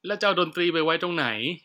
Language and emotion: Thai, frustrated